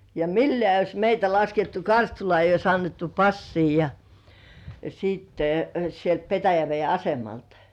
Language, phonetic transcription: Finnish, ja "millĕä̀ 'eij̆j ‿ois meitä 'laskettu "Karstulŏà eij̆j ‿ois annettu "passii ja , siitte , 'sielt 'Petäjävei "asemaltᴀ .
- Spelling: ja millään ei olisi meitä laskettu Karstulaan ei olisi annettu passia ja sitten sieltä Petäjäveden asemalta

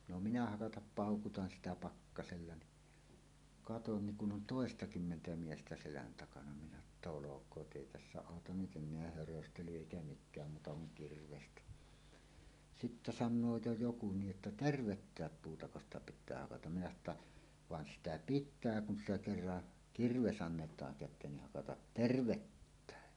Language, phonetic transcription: Finnish, no minä 'hakatap "pàokutan "sitä "pakkasella ni , katon niŋ 'kun 'ˀon "tòestakymmentä 'miestä selän takana minä että » "olok̀oot "ˀèi 'tässä 'àotan nyt "en̆neä 'höröstely èikä 'mik̆kääm muuta kuŋ "kirvestä « 'sittä "sannoo 'jo "joku 'niiˀ ˀettä » "tervettääp 'puutako ‿sta pit̆tää hakatam « minä sano ‿tta , » 'van "sitä "pit̆tää kun sitä kerra , 'kirves ‿annet̀aaŋ kät̆teen ni 'hakatat "tervettä̀e « .
- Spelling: no minä hakata paukutan sitä pakkasella niin katson niin kun on toistakymmentä miestä selän takana minä että olkoot ei tässä auta nyt enää höröstely eikä mikään muuta kuin kirvestä sitten sanoo jo joku niin että tervettä puutako sitä pitää hakata minä sanoin että vaan sitä pitää kun sitä kerran kirves annetaan käteen niin hakata tervettäkin

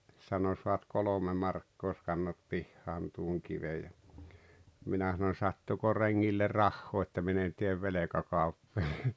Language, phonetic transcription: Finnish, sano » soat 'kolome 'markkoo ʲos kannat 'pihhaan tuoŋ 'kivej « ja , 'minä sanoⁱn̬ » 'sattuko 'reŋŋille "rahhoo että 'min ‿en tiev "velekakaupp(oja) « .
- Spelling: sanoi saat kolme markkaa jos kannat pihaan tuon kiven ja minä sanoin sattuiko rengille rahaa että minä en tee velkakauppoja

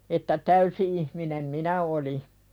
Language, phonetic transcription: Finnish, että 'täysi ihminem "minä oli .
- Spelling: että täysi ihminen minä olin

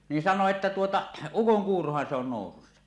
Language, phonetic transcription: Finnish, niin 'san̆noo että tuota , » "ukoŋkuurohan se ‿on 'nòusussa « .
- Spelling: niin sanoi että tuota ukonkuurohan se on nousussa

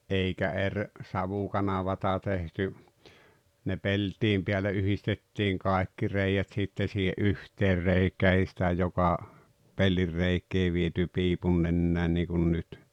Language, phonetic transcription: Finnish, ’eikä 'eŕ , "savukanavata tehty , ne "pel̀t̀iim pḙäle '’yhistettiiŋ "kàekki 'rèijät 'sitte siihe "’yhteer 'reikää ei sⁱtä 'joka , "pellirreik̆ee viety 'piipunnennän niikun 'nyt .
- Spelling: eikä eri savukanavaa tehty ne peltien päälle yhdistettiin kaikki reiät sitten siihen yhteen reikään ei sitä joka pellinreikää viety piipunnenään niin kuin nyt

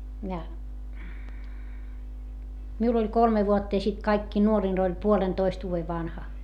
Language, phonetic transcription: Finnish, ja , miul ‿oĺ kolme vuotta ja sit kaikkii nuorin oĺ puolentoist vuuve vanha .
- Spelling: ja minulla oli kolme vuotta ja sitten kaikkein nuorin oli puolentoista vuoden vanha

